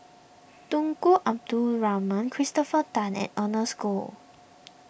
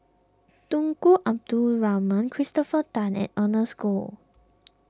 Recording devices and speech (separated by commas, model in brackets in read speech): boundary microphone (BM630), close-talking microphone (WH20), read sentence